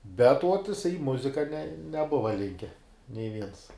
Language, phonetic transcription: Lithuanian, bet uot jiˈsai i ˈmuzika ne neˈbuva ˈlinke nei ˈviens

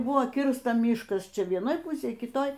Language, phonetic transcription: Lithuanian, ˈbuvo ˈkirsta ˈmyškas ˈčia vieˈnoj ˈpusėj kiˈtoj

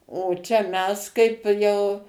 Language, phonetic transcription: Lithuanian, o ˈčia ˈmes kaip ˈjau

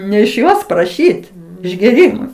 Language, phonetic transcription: Lithuanian, ne iš ˈjos praˈšyt išgėˈrymui

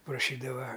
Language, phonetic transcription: Lithuanian, praˈšydava

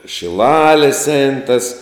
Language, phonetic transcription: Lithuanian, šiˈlalės ein tas

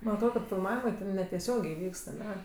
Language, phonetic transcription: Lithuanian, man atˈrod kad filˈmavimɜ ˈten neteˈsiogė ˈvykst aˈne

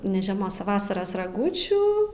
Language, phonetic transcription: Lithuanian, ne žeˈmos a ˈvasaras raˈgūčių

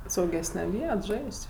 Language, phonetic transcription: Lithuanian, sauˈgesne ˈviet ˈžais't'

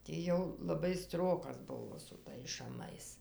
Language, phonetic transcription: Lithuanian, ˈti jau laˈbai ˈstrokas ˈbuvo su ˈtais šaˈmais

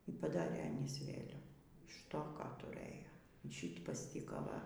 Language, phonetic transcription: Lithuanian, y paˈdarė aˈnys ˈvėliavų iš ˈto ˈką tuˈrɘjo y ˈšyt pasˈtyka ˈva

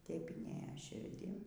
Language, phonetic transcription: Lithuanian, taip inˈėja širˈdin

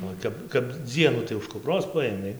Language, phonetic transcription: Lithuanian, o ˈtep kap ˈdzienų tai už kupˈros ˈpaėmei

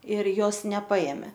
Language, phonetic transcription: Lithuanian, ir ˈjos neˈpaėmė

